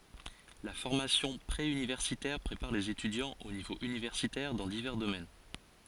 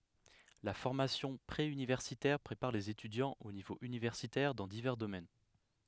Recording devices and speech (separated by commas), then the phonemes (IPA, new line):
forehead accelerometer, headset microphone, read sentence
la fɔʁmasjɔ̃ pʁe ynivɛʁsitɛʁ pʁepaʁ lez etydjɑ̃z o nivo ynivɛʁsitɛʁ dɑ̃ divɛʁ domɛn